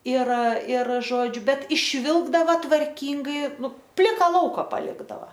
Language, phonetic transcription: Lithuanian, ir ir ˈžodžiu ˈbet išˈvilkdava tvarˈkyngai ˈnu ˈplika ˈlauka paˈlikdava

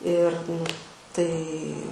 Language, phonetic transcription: Lithuanian, ir nu ˈtai

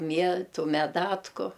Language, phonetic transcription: Lithuanian, ˈmietu meˈdatku

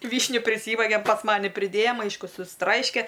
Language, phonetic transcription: Lithuanian, ˈvyšniu priˈsyvagem pas ˈmani priˈdėjam ˈaišku susˈtraiške

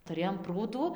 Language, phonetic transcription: Lithuanian, tuˈrėjom ˈprūdų

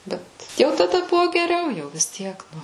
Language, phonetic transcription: Lithuanian, ˈbet jau taˈda ˈbuvo geˈriau jau vis ˈtiek ˈnu

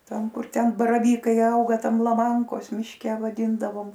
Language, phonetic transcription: Lithuanian, ˈtam ˈkur ten baraˈvykai ˈauga ˈtam laˈmankos mišˈke vaˈdyndavom

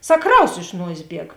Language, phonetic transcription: Lithuanian, ˈsak ˈkraus iš ˈnuosės ˈbieg

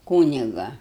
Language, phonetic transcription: Lithuanian, ˈkūniga

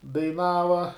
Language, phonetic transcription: Lithuanian, daiˈnava

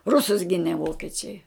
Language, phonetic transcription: Lithuanian, ˈrusus ˈgine ˈvokiečiai

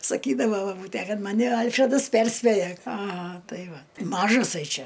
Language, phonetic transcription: Lithuanian, saˈkydava baˈbūtæ ˈkad ˈmani ˈalfredas ˈperspėja aˈha ˈtai ˈva ˈmažasai ˈčia

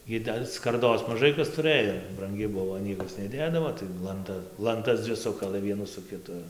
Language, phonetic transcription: Lithuanian, ˈgi da skarˈdos maˈžai kas tuˈrɘjo branˈgi ˈbuvo ˈniekas neˈdėdavo tai lanˈta lanˈtas ˈdzvi ˈsukalɘ ˈvienų su kiˈtu

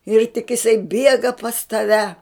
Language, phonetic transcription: Lithuanian, ir tik iˈsai ˈbiega pas taˈve

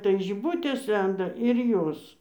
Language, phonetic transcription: Lithuanian, tai žiˈbutės ˈlenda ir ˈjos

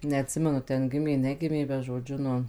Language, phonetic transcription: Lithuanian, neatˈsimenu ˈten ˈgimė ˈnegimė bet žoˈdžiu ˈnu

